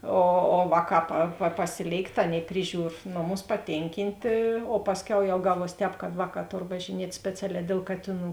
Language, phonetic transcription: Lithuanian, o o ˈvāˌkā pa pa paˈsilėikt ˈaˌnėi ˈpriˌžiūr ˈnoˌmus paˈtėnkintė o ˈpasˌkiau jau ˈgaˌvuos ˈtēp kad ˈvāˌkā ˈtor važiˈniet' ˈspeciaˌlē dėl ˈkatėˌnų

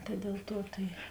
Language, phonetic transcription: Lithuanian, ta del ˈtuo tai

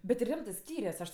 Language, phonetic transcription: Lithuanian, bet ti ˈrimtɜ ˈskyrias ˈaš

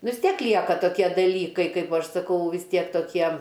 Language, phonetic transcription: Lithuanian, nu vis ˈtiek ˈlieka toˈkie daˈlykai ˈkaip ˈaš saˈkau vis ˈtiek toˈkiem

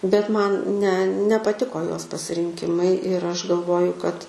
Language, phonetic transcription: Lithuanian, bet ˈman ne nepaˈtiko ˈjos pasirinˈkimai ir ˈaš galˈvoju kad

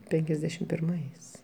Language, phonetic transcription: Lithuanian, ˈpenkiasdešim pirˈmais

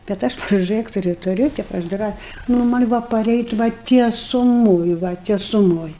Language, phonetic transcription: Lithuanian, bet ˈaš proˈžɜkturiu tuˈriu ˈtėp aš ˈdrą nu ˈman' ˈbuvo paˈreit' va tiesuˈmoj va tiesuˈmoj

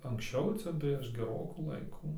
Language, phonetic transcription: Lithuanian, anksˈčiau ˈcia prieš geˈrokų ˈlaiku

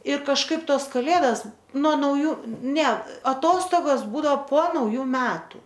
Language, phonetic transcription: Lithuanian, i kažˈkaip ˈtos kaˈlėdas nuo nauˈjų ne aˈtostogos ˈbūdao po nauˈjų ˈmetu

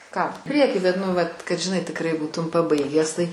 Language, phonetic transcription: Lithuanian, ˈką ˈpriekį bet ˈnu ˈvat kad žiˈnai tikˈrai ˈbūtum paˈbaigęs tai

